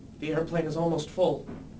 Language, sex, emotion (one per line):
English
male
fearful